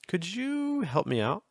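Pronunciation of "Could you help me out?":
In 'Could you help me out?', the pitch starts high, then goes down, and then finishes a little higher.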